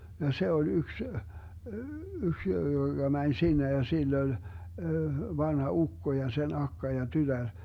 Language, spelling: Finnish, ja se oli yksi yksi joka meni sinne ja sillä oli vanha ukko ja sen akka ja tytär
- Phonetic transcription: ja "se oĺ 'yks , 'yks joGa 'mäń "sinne ja 'sill ‿oĺ , 'vanha "ukko ja 'sen 'akka ja 'tytär .

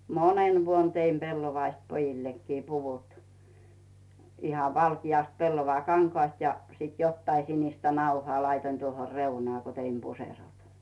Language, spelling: Finnish, monena vuonna tein pellavasta pojillekin puvut ihan valkeasta pellavakankaasta ja sitten jotakin sinistä nauhaa laitoin tuohon reunaan kun tein puserot
- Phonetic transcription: monen 'vuon teim 'pellovaist pojillekkii 'puvut , ihav 'valkijàst 'pellova"kaŋkᵒàst ja sit 'jottai sinistä 'nauhᵒà 'laitoⁱn tuoho "reunaa ko teim 'puserot .

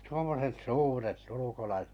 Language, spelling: Finnish, tuommoiset suuret ulkolaiset
- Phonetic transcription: tuommoset "suuret 'ulukolaiset ,.

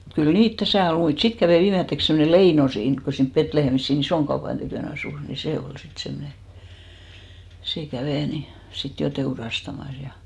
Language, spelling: Finnish, mutta kyllä niitä tässä oli muita sitten kävi viimeiseksi semmoinen Leino siinä kun kun siinä Betlehemissä siinä ison tykönä asui niin se oli sitten semmoinen se kävi niin sitten jo teurastamassa ja
- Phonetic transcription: mut kyl "niit 'täsä̀ ol 'muit , 'sit kävè 'viimetteks semmone "Leino 'siink ko , ko siinp 'Petlehemis sii"n ‿isoan tykö̀'n ‿asùs , ni "se ol 'sit 'semne , 'sè 'kävè ni , 'sit jo "teurastamas ja .

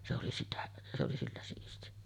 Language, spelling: Finnish, se oli sitä se oli sillä siisti
- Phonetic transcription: se oli 'sitä , se oli 'sillä siisti .

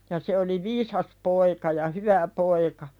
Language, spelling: Finnish, ja se oli viisas poika ja hyvä poika
- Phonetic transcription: ja se oli "viisas poika ja "hyvä poika .

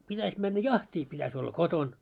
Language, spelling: Finnish, pitäisi mennä jahtiin pitäisi olla kotona
- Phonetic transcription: 'pitäś männä "jaht́ii 'pitäś olla "koton .

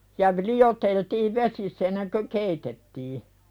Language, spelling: Finnish, ja - lioteltiin vesissä ennen kuin keitettiin
- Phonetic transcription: ja v- 'li₍oteltiiv "vesiss ‿enneŋkö "keitettii .

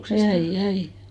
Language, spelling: Finnish, jäin jäin
- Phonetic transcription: 'jäij 'jäi !

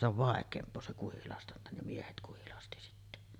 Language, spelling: Finnish, se on vaikeampaa se kuhilastanta ne miehet kuhilasti sitten
- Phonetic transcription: se ‿ov 'vàek̀eemp̀oo se 'kuhilastanta ne 'miehet kuhilasti sitte .

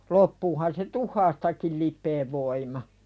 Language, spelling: Finnish, loppuuhan se tuhkastakin lipeän voima
- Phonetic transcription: 'loppuuhan se "tuh̆haastakil lip̆peev voima .

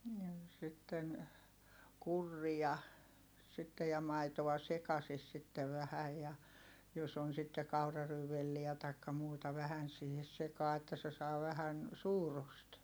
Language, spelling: Finnish, ja sitten kurria sitten ja maitoa sekaisin sitten vähän ja jos on sitten kauraryynivelliä tai muuta vähän siihen sekaan että se saa vähän suurusta
- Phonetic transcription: ja sitten , kurria , sittej ja maitoᵛa sekasis sittev vähäj ja , jos ‿on sitte kauraryyvelliä taikka muuta vähän siihes sekaa että se saa vähän , suurust .

